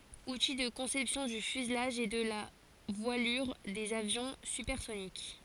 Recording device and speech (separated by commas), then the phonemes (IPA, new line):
forehead accelerometer, read sentence
uti də kɔ̃sɛpsjɔ̃ dy fyzlaʒ e də la vwalyʁ dez avjɔ̃ sypɛʁsonik